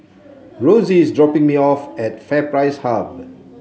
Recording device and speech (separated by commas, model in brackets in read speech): mobile phone (Samsung C7), read sentence